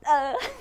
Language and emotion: Thai, happy